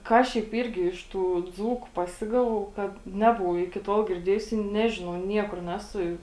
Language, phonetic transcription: Lithuanian, ˈką šiaip ˈyrgi iš tų ˈdzūku paˈsigavau ˈkad ˈnebuvau iki ˈtol girˈdėjus i ˈnežinau ˈniekur ˈnesu

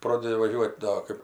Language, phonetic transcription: Lithuanian, ˈprodedi vaˈžiuot' ˈdo ˈkɜp

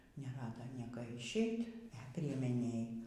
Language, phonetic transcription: Lithuanian, neˈrada ˈnieka išˈeit' e priemeˈnėj

